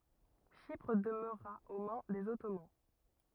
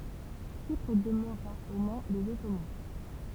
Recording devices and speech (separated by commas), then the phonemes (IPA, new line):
rigid in-ear microphone, temple vibration pickup, read sentence
ʃipʁ dəmøʁa o mɛ̃ dez ɔtoman